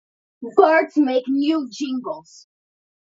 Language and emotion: English, angry